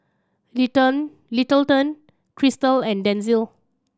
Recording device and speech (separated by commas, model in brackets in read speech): standing microphone (AKG C214), read sentence